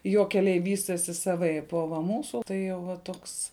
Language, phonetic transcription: Lithuanian, ˈjo keˈliai ˈvystesi saˈvaip o va ˈmūsu tai jau ˈva ˈtoks

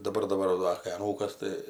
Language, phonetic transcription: Lithuanian, daˈbar daˈbar va ˈdar kai aˈnūkas ˈtai

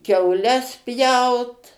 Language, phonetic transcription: Lithuanian, kiauˈles ˈpjaut

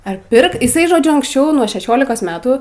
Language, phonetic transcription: Lithuanian, ar ˈpirk iˈsai žoˈdžiu anksˈčiau nuo šeˈšiolikos ˈmetų

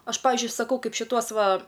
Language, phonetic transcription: Lithuanian, ˈaš ˈpavizdžiui saˈkau ˈkaip šiˈtuos ˈva

